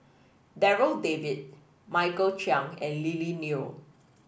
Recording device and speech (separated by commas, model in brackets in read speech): boundary microphone (BM630), read sentence